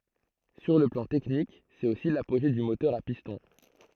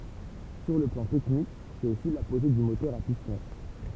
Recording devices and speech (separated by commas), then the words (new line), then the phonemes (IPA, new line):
throat microphone, temple vibration pickup, read sentence
Sur le plan technique c'est aussi l'apogée du moteur à piston.
syʁ lə plɑ̃ tɛknik sɛt osi lapoʒe dy motœʁ a pistɔ̃